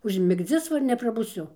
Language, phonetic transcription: Lithuanian, užmigˈdzis ˈva ir neprabuˈsiu

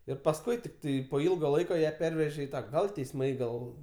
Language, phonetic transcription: Lithuanian, ir pasˈkui tikˈtai po ˈilga ˈlaika ją ˈpervežė i ˈtą ˈgal teisˈmai ˈgal

